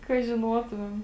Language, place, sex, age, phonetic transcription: Lithuanian, Žemaitija, female, 18-60, ka žiˈnuotumem

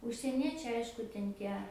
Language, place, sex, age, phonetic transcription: Lithuanian, Aukštaitija, female, 18-60, užsieˈniečiai ˈaišku ten ˈtie

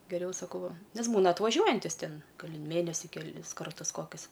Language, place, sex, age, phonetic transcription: Lithuanian, Aukštaitija, female, 18-60, geˈriau saˈkau ˈva ˈnes ˈbūna atvaˈžiuojantis ˈtin ˈgal' i ˈmėnesi keˈlis ˈkartus ˈkokius

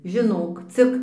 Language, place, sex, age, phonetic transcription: Lithuanian, Dzūkija, female, 60+, žiˈnok ˈcik

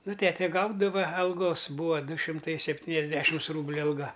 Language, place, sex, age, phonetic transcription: Lithuanian, Aukštaitija, male, 60+, ˈnu ˈtete ˈgaudava alˈgos ˈbūva ˈdu šimˈtai sepˈtyniasˌdešims ˈrūbliu alˈga

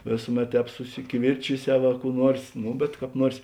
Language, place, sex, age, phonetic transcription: Lithuanian, Žemaitija, male, 60+, ˈvėsuˌmet ˈtēp susikiˈvirčiˌsiau a kų ˈnuors ˈnu bet kāp ˈnuors

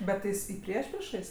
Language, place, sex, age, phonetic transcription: Lithuanian, Aukštaitija, female, 18-60, ˈbet tai ˈjis i ˈpriešpriešais

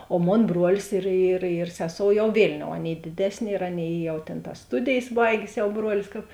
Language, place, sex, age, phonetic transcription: Lithuanian, Žemaitija, female, 18-60, o ˈmon ˈbrolis ir ir ir ˈseˌsou jau ˈvėlˌniou ˈaˌnėi ˈdėdesˌnė ir ˈaˌnėi ˈjau tėn tas ˈstudėjės ˈbaigės ˈjauˈbruolis kap

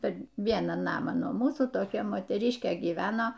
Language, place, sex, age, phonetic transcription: Lithuanian, Aukštaitija, female, 60+, per ˈvieną ˈnamą nuo ˈmūsų toˈkia moteˈriškė gyˈveno

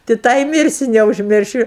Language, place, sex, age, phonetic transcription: Lithuanian, Aukštaitija, female, 60+, ti ˈtą i ˈmirsiu neužˈmiršiu

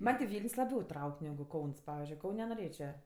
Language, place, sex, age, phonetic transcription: Lithuanian, Aukštaitija, female, 18-60, ˈman' ti ˈvyln's' laˈbiau ˈtrauk' negu ˈkauns ˈpavizdžiui ˈkaun' noˈrėčia

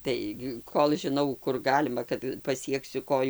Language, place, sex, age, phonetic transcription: Lithuanian, Dzūkija, female, 60+, ˈtai gi ˈkol žiˈnau ˈkur ˈgalima kad paˈsieksiu ˈkoju

